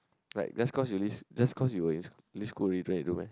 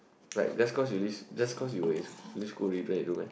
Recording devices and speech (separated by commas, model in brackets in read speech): close-talking microphone, boundary microphone, conversation in the same room